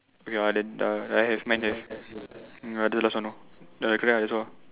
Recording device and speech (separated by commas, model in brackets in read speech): telephone, conversation in separate rooms